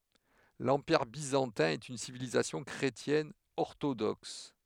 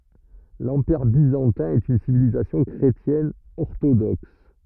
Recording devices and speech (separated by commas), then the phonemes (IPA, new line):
headset microphone, rigid in-ear microphone, read sentence
lɑ̃piʁ bizɑ̃tɛ̃ ɛt yn sivilizasjɔ̃ kʁetjɛn ɔʁtodɔks